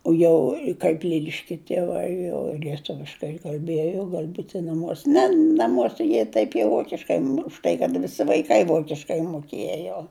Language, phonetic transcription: Lithuanian, o ˈjau kaip ˈliliškia tieˈvai jau lieˈtuviškai kalˈbiejo ˈgal' ˈbūti naˈmuose ˈne naˈmuose ˈjie taip jau ˈvokiškai už ˈtai kad viˈsi vaiˈkai ˈvokiškai muˈkėjo

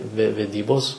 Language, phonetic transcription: Lithuanian, ve veˈdybos

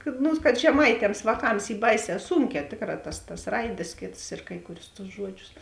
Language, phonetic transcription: Lithuanian, kad ˈnu kad žeˈmaitems vāˈkams ˈy ˈbaiˌsē ˈsūnkē ˈtėkˌrā tas tas ˈraidės ˈkėts ir ˈkai kuˌrius tus ˈžuodˌžius

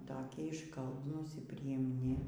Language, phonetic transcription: Lithuanian, ˈtokie išˈkalbnūs ir prijimˈni

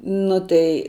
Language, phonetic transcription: Lithuanian, ˈnu tai

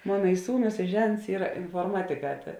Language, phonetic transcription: Lithuanian, ˈmona i ˈsūˌnus i ˈžents ˈyra inforˈmatiˌkā ta

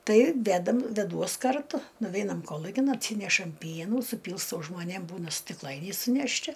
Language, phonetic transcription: Lithuanian, ˈtai ˈvedam veˈduos karˈtu nuˈveinam ˈkolukin atˈsynešam ˈpienų suˈpylstau žmoˈnėm ˈbūna stikˈlainiai sunešˈti

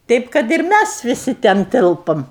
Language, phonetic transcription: Lithuanian, ˈtaip kad ir ˈmæs viˈsi ten ˈtilpom

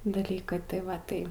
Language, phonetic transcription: Lithuanian, daˈlykai tai ˈva ˈtai

